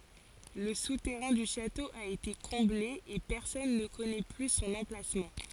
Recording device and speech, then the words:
forehead accelerometer, read sentence
Le souterrain du château a été comblé, et personne ne connaît plus son emplacement.

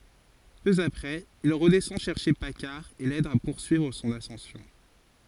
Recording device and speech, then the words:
forehead accelerometer, read sentence
Peu après, il redescend chercher Paccard et l’aide à poursuivre son ascension.

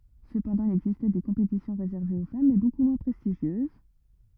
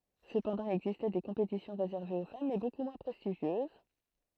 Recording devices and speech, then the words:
rigid in-ear microphone, throat microphone, read sentence
Cependant, il existait des compétitions réservées aux femmes mais beaucoup moins prestigieuses.

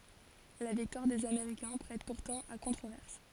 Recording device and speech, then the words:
forehead accelerometer, read sentence
La victoire des Américains prête pourtant à controverses.

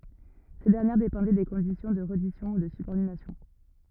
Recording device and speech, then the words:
rigid in-ear microphone, read sentence
Ces dernières dépendaient des conditions de reddition ou de subordination.

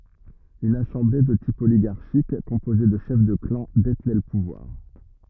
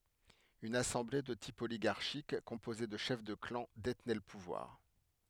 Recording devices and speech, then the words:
rigid in-ear microphone, headset microphone, read sentence
Une assemblée, de type oligarchique, composée de chefs de clans, détenait le pouvoir.

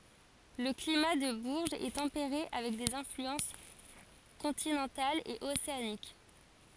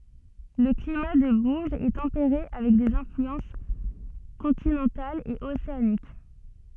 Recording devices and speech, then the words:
forehead accelerometer, soft in-ear microphone, read sentence
Le climat de Bourges est tempéré avec des influences continentales et océaniques.

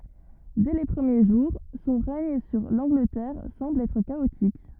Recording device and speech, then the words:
rigid in-ear microphone, read sentence
Dès les premiers jours, son règne sur l’Angleterre semble être chaotique.

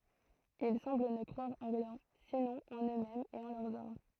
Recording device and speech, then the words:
throat microphone, read sentence
Ils semblent ne croire en rien, sinon en eux-mêmes et en leurs armes.

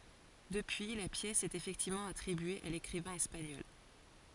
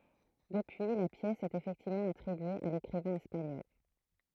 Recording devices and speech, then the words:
forehead accelerometer, throat microphone, read sentence
Depuis, la pièce est effectivement attribuée à l'écrivain espagnol.

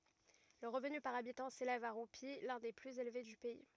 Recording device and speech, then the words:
rigid in-ear microphone, read sentence
Le revenu par habitant s'élève à roupies, l'un des plus élevés du pays.

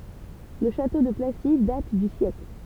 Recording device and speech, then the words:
temple vibration pickup, read sentence
Le château de Placy date du siècle.

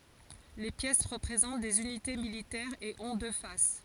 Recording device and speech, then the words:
forehead accelerometer, read sentence
Les pièces représentent des unités militaires et ont deux faces.

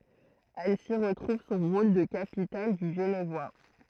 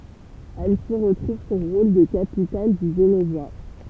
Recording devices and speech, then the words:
throat microphone, temple vibration pickup, read sentence
Annecy retrouve son rôle de capitale du Genevois.

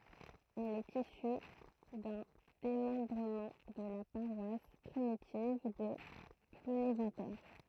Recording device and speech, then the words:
throat microphone, read sentence
Elle est issue d'un démembrement de la paroisse primitive de Plounéventer.

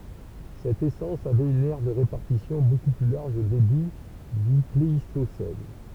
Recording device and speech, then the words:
temple vibration pickup, read sentence
Cette essence avait une aire de répartition beaucoup plus large au début du Pléistocène.

